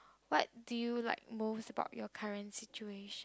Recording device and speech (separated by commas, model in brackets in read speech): close-talking microphone, conversation in the same room